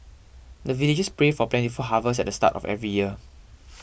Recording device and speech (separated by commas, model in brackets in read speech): boundary microphone (BM630), read sentence